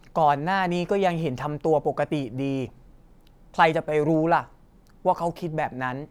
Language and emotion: Thai, frustrated